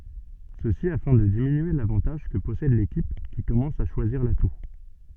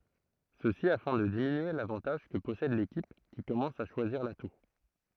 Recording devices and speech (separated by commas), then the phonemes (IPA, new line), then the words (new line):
soft in-ear microphone, throat microphone, read sentence
səsi afɛ̃ də diminye lavɑ̃taʒ kə pɔsɛd lekip ki kɔmɑ̃s a ʃwaziʁ latu
Ceci afin de diminuer l'avantage que possède l'équipe qui commence à choisir l'atout.